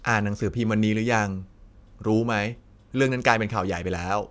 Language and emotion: Thai, neutral